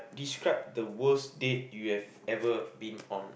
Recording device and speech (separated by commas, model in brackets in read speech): boundary microphone, conversation in the same room